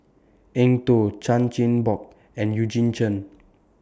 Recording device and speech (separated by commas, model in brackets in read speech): standing microphone (AKG C214), read sentence